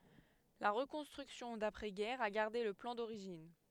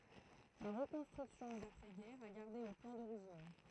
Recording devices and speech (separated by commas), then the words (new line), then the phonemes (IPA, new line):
headset microphone, throat microphone, read sentence
La reconstruction d’après guerre a gardé le plan d’origine.
la ʁəkɔ̃stʁyksjɔ̃ dapʁɛ ɡɛʁ a ɡaʁde lə plɑ̃ doʁiʒin